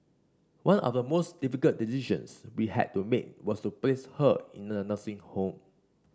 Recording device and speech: standing microphone (AKG C214), read sentence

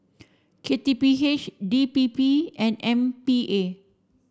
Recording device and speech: standing microphone (AKG C214), read sentence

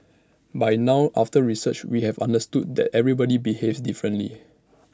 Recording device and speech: standing microphone (AKG C214), read sentence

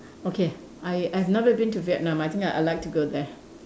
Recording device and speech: standing microphone, conversation in separate rooms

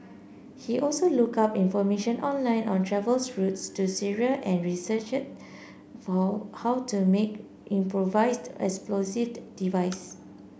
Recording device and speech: boundary microphone (BM630), read sentence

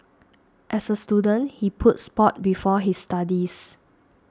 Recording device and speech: standing microphone (AKG C214), read sentence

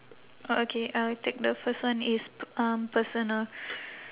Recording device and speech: telephone, conversation in separate rooms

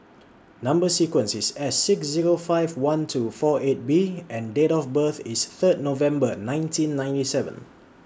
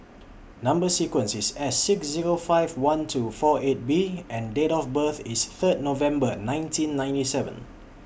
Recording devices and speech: standing microphone (AKG C214), boundary microphone (BM630), read sentence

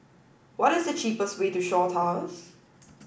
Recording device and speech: boundary microphone (BM630), read sentence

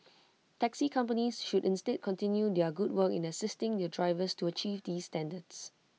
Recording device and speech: mobile phone (iPhone 6), read sentence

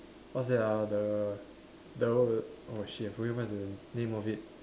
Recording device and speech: standing microphone, conversation in separate rooms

